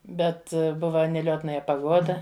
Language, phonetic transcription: Lithuanian, ˈbet ˈbuva (neˈliotnaja paˈgoda)

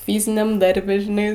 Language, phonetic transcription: Lithuanian, ˈfyziniam ˈdarbe žiˈnai

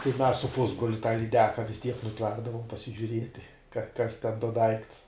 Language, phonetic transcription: Lithuanian, tai mes su ˈpusbroliu tą lyˈdeka vis tiek nuˈplakdavom pasižiuˈrieti ka kas ten do ˈdaikts

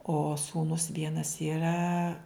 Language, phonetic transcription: Lithuanian, o ˈsūnus ˈvienas yˈra

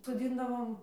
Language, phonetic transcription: Lithuanian, soˈdzindavom

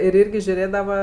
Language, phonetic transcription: Lithuanian, ir ˈyrgi žiuˈrėdava

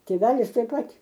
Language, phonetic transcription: Lithuanian, tėˈvelis taip ˈpat

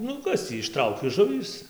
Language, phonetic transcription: Lithuanian, ˈnu ˈkas tį išˈtrauki ˈžuvys

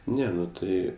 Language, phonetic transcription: Lithuanian, ˈne ˈnu ˈtai

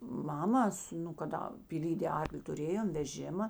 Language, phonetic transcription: Lithuanian, ˈmamas nu kaˈda pyˈlydė ˈarkli tuˈrėjom veˈžima

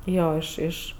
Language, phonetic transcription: Lithuanian, ˈjo ˈiš ˈiš

